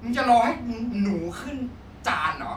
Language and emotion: Thai, angry